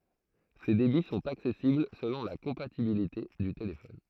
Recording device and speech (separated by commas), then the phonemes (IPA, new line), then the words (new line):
throat microphone, read sentence
se debi sɔ̃t aksɛsibl səlɔ̃ la kɔ̃patibilite dy telefɔn
Ces débits sont accessibles selon la compatibilité du téléphone.